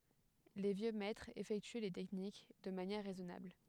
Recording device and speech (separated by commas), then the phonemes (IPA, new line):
headset microphone, read sentence
le vjø mɛtʁz efɛkty le tɛknik də manjɛʁ ʁɛzɔnabl